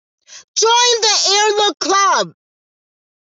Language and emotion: English, neutral